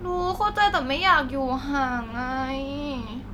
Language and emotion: Thai, frustrated